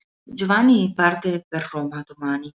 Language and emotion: Italian, neutral